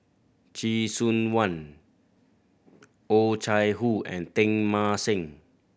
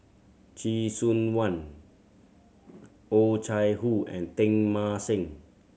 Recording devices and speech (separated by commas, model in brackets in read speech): boundary microphone (BM630), mobile phone (Samsung C7100), read sentence